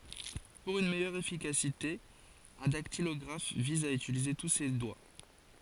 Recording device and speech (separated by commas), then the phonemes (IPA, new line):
forehead accelerometer, read sentence
puʁ yn mɛjœʁ efikasite œ̃ daktilɔɡʁaf viz a ytilize tu se dwa